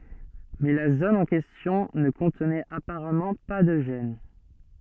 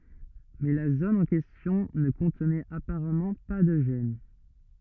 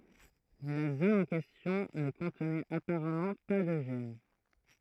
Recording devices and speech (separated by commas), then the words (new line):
soft in-ear microphone, rigid in-ear microphone, throat microphone, read sentence
Mais la zone en question ne contenait apparemment pas de gène.